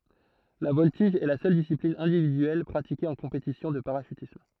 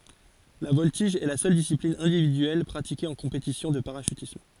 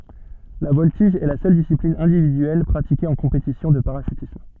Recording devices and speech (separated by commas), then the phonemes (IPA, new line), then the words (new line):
throat microphone, forehead accelerometer, soft in-ear microphone, read sentence
la vɔltiʒ ɛ la sœl disiplin ɛ̃dividyɛl pʁatike ɑ̃ kɔ̃petisjɔ̃ də paʁaʃytism
La voltige est la seule discipline individuelle pratiquée en compétition de parachutisme.